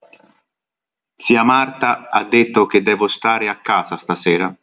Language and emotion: Italian, neutral